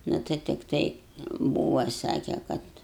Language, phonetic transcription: Lithuanian, ˈnu tai tikˈtai ˈbūva ˈsake ˈkad

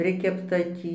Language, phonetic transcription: Lithuanian, ˈprikepta ˈtį

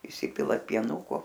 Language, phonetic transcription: Lithuanian, įˈsipilat pieˈnuko

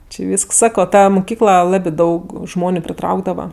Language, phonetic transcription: Lithuanian, či ˈvysks ˈsako ˈta muˈkykla ˈlabi ˈdaug ˈžmoniu priˈtraukdava

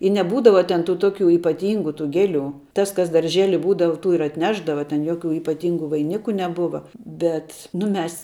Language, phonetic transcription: Lithuanian, i neˈbūdava ˈten tų ˈtoˌkių ypaˈtingu tų ˈgeˌlių ˈtas kas darˈžėli ˈbūdava ˈtų ir atˈnešdava ten ˈjoˌkių ypaˈtyngu vaiˈniku neˈbuva ˈbet nu ˈmes

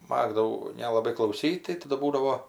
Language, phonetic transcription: Lithuanian, ˈmagdavau nelaˈbai klauˈsyt' tai ˈtadu ˈbūdavo

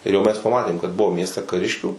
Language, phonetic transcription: Lithuanian, ir jau mes paˈmatėm kad ˈbuvo ˈmieste kaˈriškių

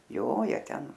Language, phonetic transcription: Lithuanian, ˈjo ˈjie ˈten

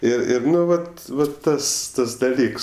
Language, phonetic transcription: Lithuanian, ir ˈir ˈnu ˈvat ˈva ˈtas ˈtas daˈlyks

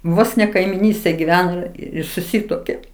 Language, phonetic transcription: Lithuanian, ˈvos ne kaimiˈnystėj giˈveno ˈir suˈsytuokė

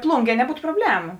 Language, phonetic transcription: Lithuanian, ˈplūnˌgie neˈbūtu proˈblemu

